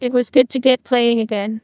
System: TTS, neural waveform model